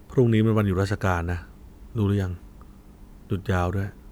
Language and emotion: Thai, neutral